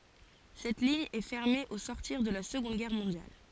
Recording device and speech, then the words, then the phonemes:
forehead accelerometer, read sentence
Cette ligne est fermée au sortir de la Seconde guerre mondiale.
sɛt liɲ ɛ fɛʁme o sɔʁtiʁ də la səɡɔ̃d ɡɛʁ mɔ̃djal

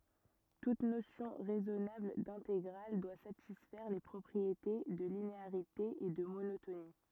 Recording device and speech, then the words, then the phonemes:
rigid in-ear microphone, read sentence
Toute notion raisonnable d'intégrale doit satisfaire les propriétés de linéarité et de monotonie.
tut nosjɔ̃ ʁɛzɔnabl dɛ̃teɡʁal dwa satisfɛʁ le pʁɔpʁiete də lineaʁite e də monotoni

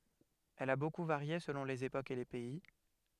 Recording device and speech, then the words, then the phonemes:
headset microphone, read sentence
Elle a beaucoup varié selon les époques et les pays.
ɛl a boku vaʁje səlɔ̃ lez epokz e le pɛi

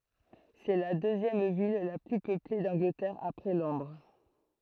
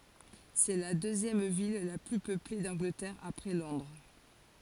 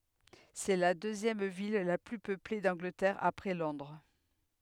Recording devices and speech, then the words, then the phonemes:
throat microphone, forehead accelerometer, headset microphone, read sentence
C'est la deuxième ville la plus peuplée d'Angleterre après Londres.
sɛ la døzjɛm vil la ply pøple dɑ̃ɡlətɛʁ apʁɛ lɔ̃dʁ

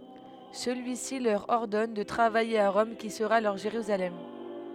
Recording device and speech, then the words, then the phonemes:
headset microphone, read sentence
Celui-ci leur ordonne de travailler à Rome qui sera leur Jérusalem.
səlyisi lœʁ ɔʁdɔn də tʁavaje a ʁɔm ki səʁa lœʁ ʒeʁyzalɛm

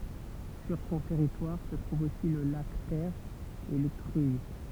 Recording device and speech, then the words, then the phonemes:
temple vibration pickup, read sentence
Sur son territoire se trouve aussi le lac Ter et les Cruilles.
syʁ sɔ̃ tɛʁitwaʁ sə tʁuv osi lə lak tɛʁ e le kʁyij

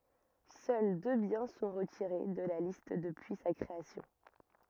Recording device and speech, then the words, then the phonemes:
rigid in-ear microphone, read sentence
Seuls deux biens sont retirés de la liste depuis sa création.
sœl dø bjɛ̃ sɔ̃ ʁətiʁe də la list dəpyi sa kʁeasjɔ̃

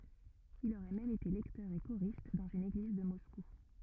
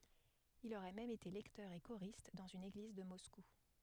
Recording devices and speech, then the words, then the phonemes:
rigid in-ear microphone, headset microphone, read sentence
Il aurait même été lecteur et choriste dans une église de Moscou.
il oʁɛ mɛm ete lɛktœʁ e koʁist dɑ̃z yn eɡliz də mɔsku

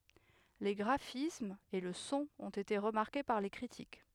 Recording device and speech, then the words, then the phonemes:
headset microphone, read sentence
Les graphismes et le son ont été remarqués par les critiques.
le ɡʁafismz e lə sɔ̃ ɔ̃t ete ʁəmaʁke paʁ le kʁitik

